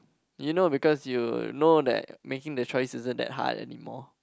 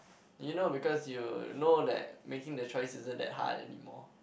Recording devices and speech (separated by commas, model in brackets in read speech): close-talking microphone, boundary microphone, conversation in the same room